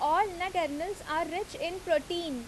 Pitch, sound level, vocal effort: 340 Hz, 89 dB SPL, very loud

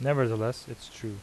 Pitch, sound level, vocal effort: 115 Hz, 83 dB SPL, normal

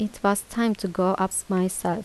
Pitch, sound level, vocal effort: 195 Hz, 80 dB SPL, soft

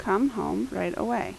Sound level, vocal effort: 81 dB SPL, normal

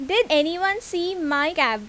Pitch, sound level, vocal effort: 325 Hz, 90 dB SPL, very loud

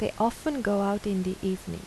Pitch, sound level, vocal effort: 200 Hz, 81 dB SPL, soft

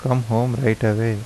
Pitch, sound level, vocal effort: 115 Hz, 80 dB SPL, soft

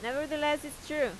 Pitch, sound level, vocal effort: 295 Hz, 90 dB SPL, loud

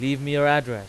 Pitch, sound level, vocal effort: 140 Hz, 96 dB SPL, very loud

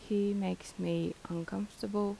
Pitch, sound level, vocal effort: 200 Hz, 79 dB SPL, soft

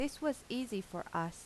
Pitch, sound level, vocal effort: 215 Hz, 84 dB SPL, normal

